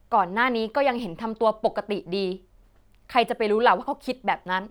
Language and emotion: Thai, angry